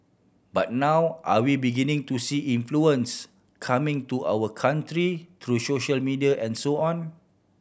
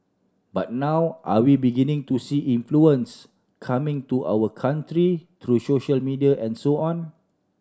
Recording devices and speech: boundary microphone (BM630), standing microphone (AKG C214), read sentence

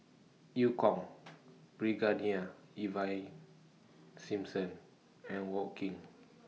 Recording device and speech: mobile phone (iPhone 6), read sentence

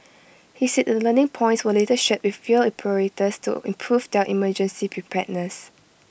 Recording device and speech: boundary microphone (BM630), read sentence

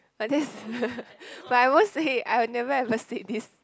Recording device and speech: close-talking microphone, conversation in the same room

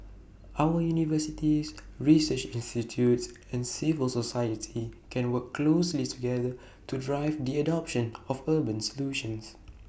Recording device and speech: boundary microphone (BM630), read sentence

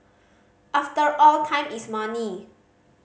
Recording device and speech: mobile phone (Samsung C5010), read sentence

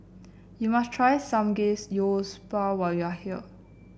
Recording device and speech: boundary microphone (BM630), read sentence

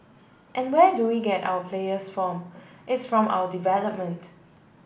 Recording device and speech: boundary microphone (BM630), read sentence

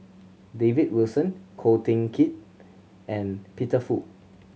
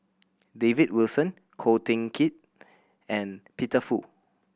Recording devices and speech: mobile phone (Samsung C7100), boundary microphone (BM630), read sentence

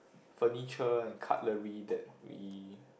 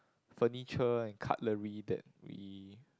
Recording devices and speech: boundary microphone, close-talking microphone, conversation in the same room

